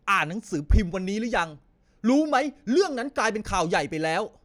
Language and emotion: Thai, angry